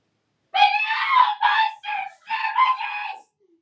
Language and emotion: English, angry